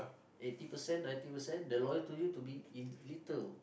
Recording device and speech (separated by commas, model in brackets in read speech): boundary microphone, conversation in the same room